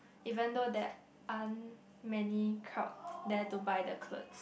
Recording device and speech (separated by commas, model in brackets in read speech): boundary microphone, conversation in the same room